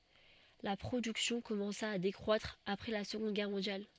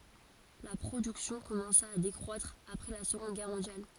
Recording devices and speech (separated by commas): soft in-ear microphone, forehead accelerometer, read sentence